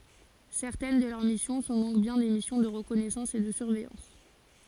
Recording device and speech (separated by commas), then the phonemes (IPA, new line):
forehead accelerometer, read sentence
sɛʁtɛn də lœʁ misjɔ̃ sɔ̃ dɔ̃k bjɛ̃ de misjɔ̃ də ʁəkɔnɛsɑ̃s e də syʁvɛjɑ̃s